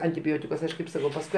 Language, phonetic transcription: Lithuanian, antiˈbiotikus ˈaš kaip ˈsakau pasˈkui

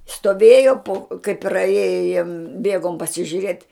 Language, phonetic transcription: Lithuanian, stoˈvėjo po kai praˈėjo ˈbiegom pasižiuˈrėt'

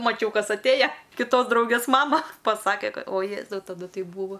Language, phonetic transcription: Lithuanian, maˈčiau ˈkas atˈėja kiˈtos ˈdraugės ˈmama ˈpasake ˈkad o ˈjėzau taˈdu ˈtai ˈbūva

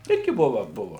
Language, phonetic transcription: Lithuanian, ˈirgi ˈbuva ˈbuva

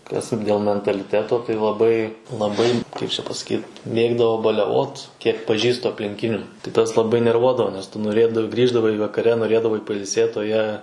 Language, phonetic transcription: Lithuanian, kas dėl mentaliˈteto tai laˈbai laˈbai ˈkaip čia pasaˈkyt ˈmėgdavo baleˈvot ˈkiek paˈžįstu aplinˈkinių tai ˈtas laˈbai nerˈvuodavo nes ˈtu noˈrėdav ˈgrįždavai vakaˈre noˈrėdavai pailˈsėt o ˈjie

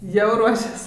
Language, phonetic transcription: Lithuanian, jau ˈruošias

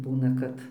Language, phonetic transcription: Lithuanian, ˈbūna kad

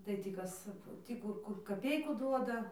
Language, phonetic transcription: Lithuanian, tai ˈtį ˈkas ˈtį kur ˈkur kaˈpeiku ˈduoda

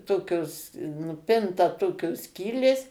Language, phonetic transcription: Lithuanian, ˈtokios nuˈpinta ˈtokios ˈskylės

